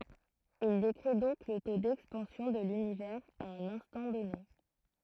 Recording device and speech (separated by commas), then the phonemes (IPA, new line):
throat microphone, read sentence
il dekʁi dɔ̃k lə to dɛkspɑ̃sjɔ̃ də lynivɛʁz a œ̃n ɛ̃stɑ̃ dɔne